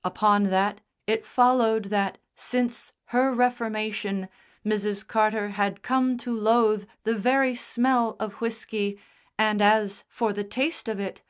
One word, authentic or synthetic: authentic